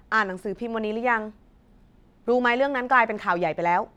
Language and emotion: Thai, frustrated